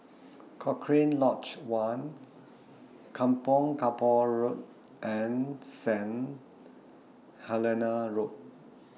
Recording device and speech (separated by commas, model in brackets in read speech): mobile phone (iPhone 6), read sentence